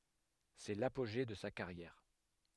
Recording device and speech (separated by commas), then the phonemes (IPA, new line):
headset microphone, read sentence
sɛ lapoʒe də sa kaʁjɛʁ